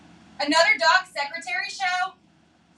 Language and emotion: English, neutral